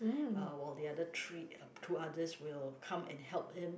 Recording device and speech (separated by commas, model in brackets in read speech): boundary microphone, conversation in the same room